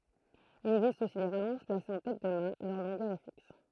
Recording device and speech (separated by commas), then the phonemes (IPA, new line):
throat microphone, read sentence
il ɛɡzist osi de ʁalɔ̃ʒ plasez ɑ̃ tɛt də mat lœʁ lɔ̃ɡœʁ ɛ fiks